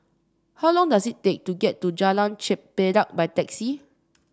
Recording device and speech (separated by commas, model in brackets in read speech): standing microphone (AKG C214), read sentence